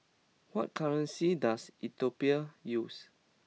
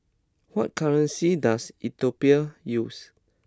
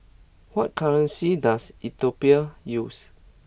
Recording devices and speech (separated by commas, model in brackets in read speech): mobile phone (iPhone 6), close-talking microphone (WH20), boundary microphone (BM630), read sentence